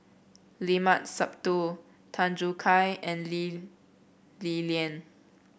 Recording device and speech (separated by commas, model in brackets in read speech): boundary microphone (BM630), read sentence